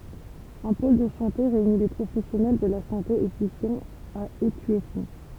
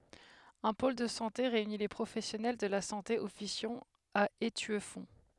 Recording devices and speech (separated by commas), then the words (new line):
temple vibration pickup, headset microphone, read sentence
Un pôle de santé réunit les professionnels de la santé officiant à Étueffont.